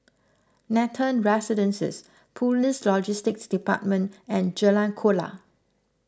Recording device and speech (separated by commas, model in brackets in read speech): close-talking microphone (WH20), read sentence